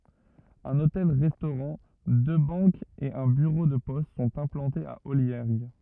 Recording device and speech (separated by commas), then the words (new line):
rigid in-ear microphone, read sentence
Un hôtel-restaurant, deux banques et un bureau de poste sont implantés à Olliergues.